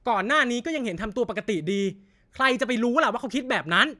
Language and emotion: Thai, angry